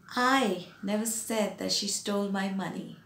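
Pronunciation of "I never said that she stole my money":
The stress falls on the first word, 'I', which is said more loudly than the rest of the sentence.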